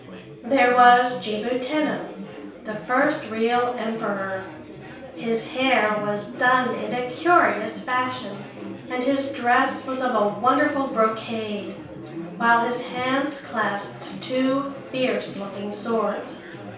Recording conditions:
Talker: one person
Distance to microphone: 3.0 m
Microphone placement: far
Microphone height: 1.8 m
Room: small (3.7 m by 2.7 m)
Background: babble

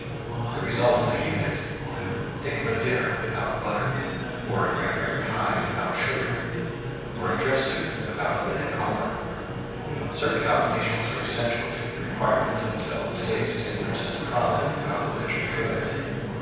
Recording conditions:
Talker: one person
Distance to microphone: 7.1 m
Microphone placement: far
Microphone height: 1.7 m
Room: very reverberant, large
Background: babble

